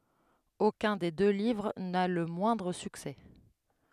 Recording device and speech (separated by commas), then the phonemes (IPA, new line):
headset microphone, read sentence
okœ̃ de dø livʁ na lə mwɛ̃dʁ syksɛ